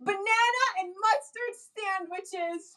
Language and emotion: English, happy